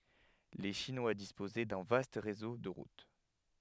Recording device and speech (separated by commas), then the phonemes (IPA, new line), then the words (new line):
headset microphone, read sentence
le ʃinwa dispozɛ dœ̃ vast ʁezo də ʁut
Les Chinois disposaient d'un vaste réseau de routes.